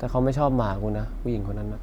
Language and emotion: Thai, frustrated